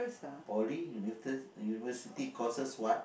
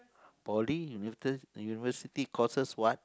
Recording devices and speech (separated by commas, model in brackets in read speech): boundary microphone, close-talking microphone, conversation in the same room